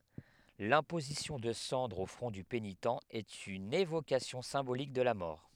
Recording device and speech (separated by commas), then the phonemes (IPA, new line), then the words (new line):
headset microphone, read sentence
lɛ̃pozisjɔ̃ də sɑ̃dʁz o fʁɔ̃ dy penitɑ̃ ɛt yn evokasjɔ̃ sɛ̃bolik də la mɔʁ
L'imposition de cendres au front du pénitent est une évocation symbolique de la mort.